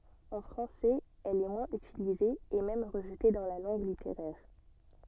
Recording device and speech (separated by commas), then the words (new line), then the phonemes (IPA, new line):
soft in-ear microphone, read sentence
En français, elle est moins utilisée et même rejetée dans la langue littéraire.
ɑ̃ fʁɑ̃sɛz ɛl ɛ mwɛ̃z ytilize e mɛm ʁəʒte dɑ̃ la lɑ̃ɡ liteʁɛʁ